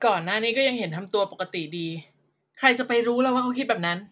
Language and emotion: Thai, frustrated